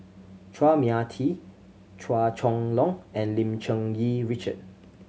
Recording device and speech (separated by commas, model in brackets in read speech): mobile phone (Samsung C7100), read sentence